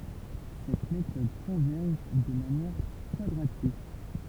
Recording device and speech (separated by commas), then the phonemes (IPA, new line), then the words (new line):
temple vibration pickup, read sentence
sɛt metɔd kɔ̃vɛʁʒ də manjɛʁ kwadʁatik
Cette méthode converge de manière quadratique.